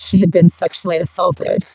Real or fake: fake